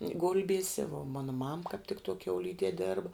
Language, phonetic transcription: Lithuanian, ˈgulbiese vuo ˈmana mam kāp tik tuo kiauˈlydie ˈdėrba

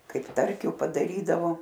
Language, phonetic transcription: Lithuanian, ˈkaip ˈtarkiu padaˈrydavo

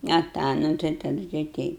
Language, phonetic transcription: Lithuanian, a ˈtą ˈnu tai taˈdu tai ˈteip

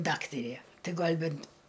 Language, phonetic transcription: Lithuanian, ˈdaktarė ˈtai ˈgal' ˈbent

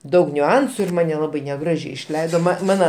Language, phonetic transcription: Lithuanian, ˈdaug niuˈansu ir ˈmane laˈbai neˈgražiai išˈleido ma ˈmana

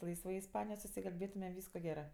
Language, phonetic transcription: Lithuanian, ˈlaisvai isˈpanijoj susikalˈbėtume ˈvysko ˈgerɜ

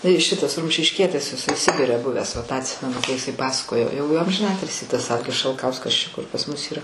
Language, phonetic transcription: Lithuanian, tai ˈšitas rumšišˈkietis jiˈsai ˈsibire ˈbuvęs va tą atˈsimenu kai iˈsai ˈpasakojo jau j amžiˈnatilsį tas ˈalgis šalˈkauskas ˈčia kur pas ˈmus ˈyra

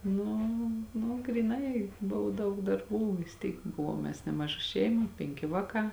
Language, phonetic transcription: Lithuanian, nu nu gryˈnai ˈbuvo ˈdaug darˈbų vis ˈtyk ˈbuvuom mes ˈnemaˌža ˈšeima ˈpenki ˈvāˌkā

